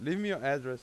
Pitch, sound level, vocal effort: 145 Hz, 94 dB SPL, loud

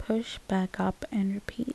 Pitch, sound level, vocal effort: 220 Hz, 72 dB SPL, soft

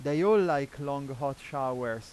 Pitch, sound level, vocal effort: 140 Hz, 94 dB SPL, loud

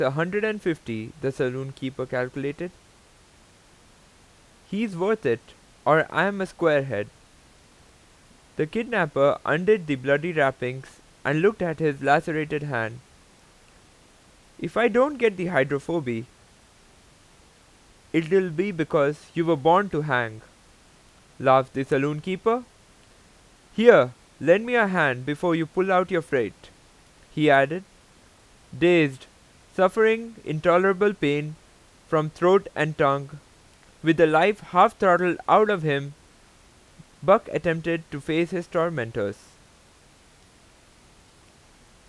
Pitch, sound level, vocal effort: 160 Hz, 91 dB SPL, loud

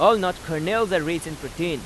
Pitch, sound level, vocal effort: 170 Hz, 94 dB SPL, loud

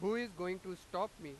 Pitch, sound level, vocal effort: 185 Hz, 99 dB SPL, very loud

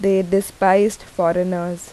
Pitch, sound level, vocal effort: 190 Hz, 83 dB SPL, normal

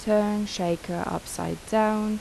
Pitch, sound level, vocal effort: 210 Hz, 80 dB SPL, soft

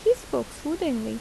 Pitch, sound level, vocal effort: 320 Hz, 81 dB SPL, normal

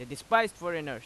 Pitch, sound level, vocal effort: 165 Hz, 96 dB SPL, very loud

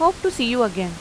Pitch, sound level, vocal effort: 245 Hz, 88 dB SPL, normal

